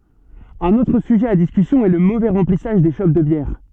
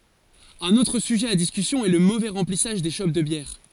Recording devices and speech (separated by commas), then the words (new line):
soft in-ear microphone, forehead accelerometer, read sentence
Un autre sujet à discussion est le mauvais remplissage des chopes de bière.